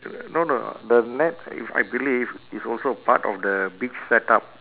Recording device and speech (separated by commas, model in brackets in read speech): telephone, conversation in separate rooms